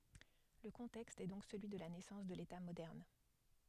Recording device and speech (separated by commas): headset microphone, read sentence